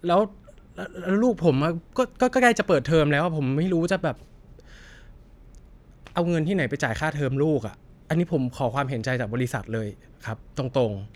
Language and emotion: Thai, frustrated